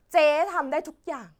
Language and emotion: Thai, happy